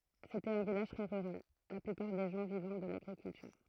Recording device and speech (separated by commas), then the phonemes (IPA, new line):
throat microphone, read sentence
setɛt œ̃ vilaʒ tʁɛ ʁyʁal la plypaʁ de ʒɑ̃ vivɑ̃ də laɡʁikyltyʁ